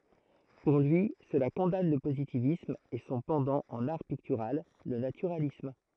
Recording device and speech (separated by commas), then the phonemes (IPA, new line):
throat microphone, read sentence
puʁ lyi səla kɔ̃dan lə pozitivism e sɔ̃ pɑ̃dɑ̃ ɑ̃n aʁ piktyʁal lə natyʁalism